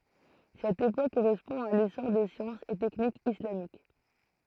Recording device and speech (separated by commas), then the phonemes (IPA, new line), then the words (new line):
throat microphone, read sentence
sɛt epok koʁɛspɔ̃ a lesɔʁ de sjɑ̃sz e tɛknikz islamik
Cette époque correspond à l'essor des sciences et techniques islamiques.